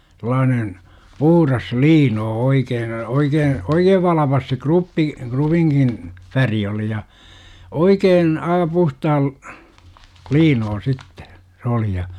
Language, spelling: Finnish, sellainen puhdas liino oikein oikein oikein valpas se kruppi krupinkin väri oli ja oikein - puhtaan liino sitten se oli ja
- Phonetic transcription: sᵉl̆laanen , 'puhuras "liinoo 'oikeen , 'oikeen , "oikeev 'valapas se "kruppi , 'krupiŋkin , "färi oli ja , "oikeen , aa 'puhtaal , "liinoo 'sittE , 's ‿oli ja .

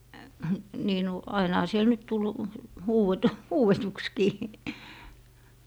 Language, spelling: Finnish, niin nyt ainahan siellä nyt tuli - huudetuksikin
- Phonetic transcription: 'nii nu , 'ainaha siel 'nyt tul , 'huuwetu - , "huuwetukskii .

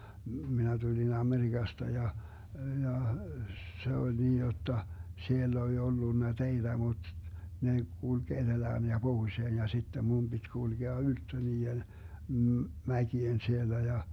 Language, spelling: Finnish, minä tulin Amerikasta ja ja se oli niin jotta siellä oli ollut teitä mutta ne kulki etelään ja pohjoiseen ja sitten minun piti kulkea ylttö niiden - mäkien siellä ja
- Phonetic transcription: 'minä tuĺin 'AmeriGasta ja , 'ja , 'se oĺ 'niij jotta , 'siell ‿oĺ 'ollunna "teiDä 'mut , 'ne 'kulG 'eDelään ja 'Bohuⁱseen ja sittem 'mum Bit́ 'kulGea "ylttö 'nii₍en , m̥ , "mäki₍en 'siellä ja , .

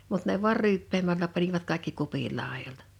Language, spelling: Finnish, mutta ne vain ryyppäämällä panivat kaikki kupin laidoilta
- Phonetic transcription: mut ne vuar 'ryyppeemällä panivat kaḙkki 'kupil 'làejoltᴀ .

